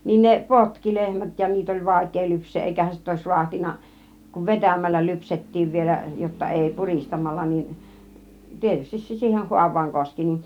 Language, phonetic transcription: Finnish, nin ne "potki 'lehmät ja 'niit ‿oĺ "vàik̆kee 'lyps̆seeˀ 'ˀèikähän sitä 'òis 'ruahtin̆na , kuv "vetämällä 'lypset̀tiiv vielä , jotta 'èi "puristamalla niin , 'tietystis se 'siiheh 'huav̆vaaŋ 'koski nin .
- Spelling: niin ne potki lehmät ja niitä oli vaikea lypsää eikähän sitä olisi raatsinut kun vetämällä lypsettiin vielä jotta ei puristamalla niin tietysti se siihen haavaan koski niin

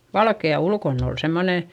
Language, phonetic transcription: Finnish, valke₍a ulkonn ‿ol semmonè, .
- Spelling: valkea ulkona oli semmoinen

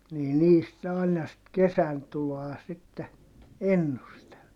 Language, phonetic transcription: Finnish, nii niist ne àina sit kesäntuloa sitte , ennustel .
- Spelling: niin niistä ne aina sitten kesäntuloa sitten ennusteli

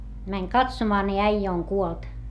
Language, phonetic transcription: Finnish, mäŋ katsomaa ni äijä oŋ kuolt .
- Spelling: meni katsomaan niin äijä on kuollut

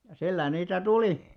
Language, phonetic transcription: Finnish, ja 'sillä niitä "tulì .
- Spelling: ja sillä niitä tuli

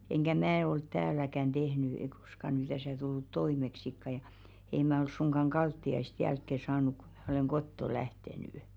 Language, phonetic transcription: Finnish, enkä "mää olt 'tääläkän 'ᴅehny ei kᴏska ny täsä̀ tullut 'toimeksikka ja , ei 'mä oi suŋɢaŋ 'ɢaltti₍aist 'jälkke 'saanuk kᴜ ᴍᴀ̈ oleŋ "kotto 'lähtenỳ .
- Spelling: enkä minä ollut täälläkään tehnyt ei koskaan nyt tässä tullut toimeksikaan ja ei minä ole suinkaan kaltiaista jälkeen saanut kun minä olen kotoa lähtenyt

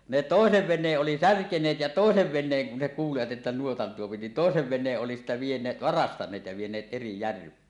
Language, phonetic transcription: Finnish, ne "tòesev 'ven̆neeˀ ˀoli "särkeǹeet ja 'tòesev 'ven̆neeŋ kun ne kuulivat ᵉttä 'nuotan tuopi ni "tòesev 'ven̆neeˀ ˀoli sitte vieǹee- "varastan̆neet ja 'vieǹeet eri "järv̀ee .
- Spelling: ne toisen veneen oli särkeneet ja toisen veneen kun ne kuulivat että nuotan tuo niin toisen veneen oli sitten - varastaneet ja vieneet eri järveen

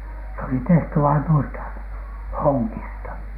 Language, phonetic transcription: Finnish, s ‿oli 'tehty vain nuista , "hoŋŋista .
- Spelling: se oli tehty vain noista hongista

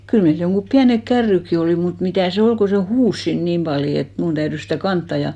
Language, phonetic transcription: Finnish, 'kyl meil joŋɢup 'piänek "kärrykki 'olì , mut 'mitä̀ se 'ol ko se "huus siin 'niim paljo et 'mun täyrys sitä̀ 'kantta ja ,.
- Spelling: kyllä meillä jotkin pienet kärrytkin oli mutta mitä se ole kun se huusi siinä niin paljon että minun täytyi sitä kantaa ja

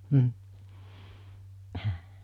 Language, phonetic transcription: Finnish, m̥ , ’əhə .
- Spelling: mm -

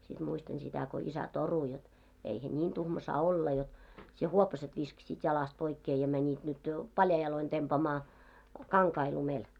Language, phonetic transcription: Finnish, sit 'muistan sitä ko 'isä "toru jot , » eihä "niin 'tuhma saa 'olla jot , sie 'huopaset viskᵃsiit 'jalast poikkee ja mäńit nyt jo , "paljai 'jaloin tempaamaa , 'kaŋkai lumel « .
- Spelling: sitten muistan sitä kun isä torui jotta eihän niin tuhma saa olla jotta sinä huopaset viskasit jalasta pois ja menit nyt jo paljain jaloin tempaamaan kankaita lumelle

